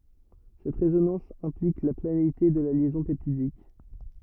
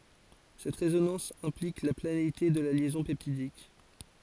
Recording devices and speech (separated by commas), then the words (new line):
rigid in-ear microphone, forehead accelerometer, read sentence
Cette résonance implique la planéité de la liaison peptidique.